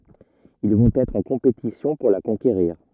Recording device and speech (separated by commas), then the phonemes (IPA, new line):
rigid in-ear microphone, read sentence
il vɔ̃t ɛtʁ ɑ̃ kɔ̃petisjɔ̃ puʁ la kɔ̃keʁiʁ